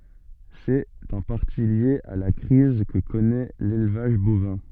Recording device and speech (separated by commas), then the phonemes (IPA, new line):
soft in-ear microphone, read sentence
sɛt ɑ̃ paʁti lje a la kʁiz kə kɔnɛ lelvaʒ bovɛ̃